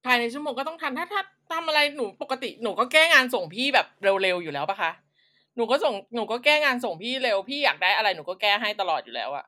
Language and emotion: Thai, frustrated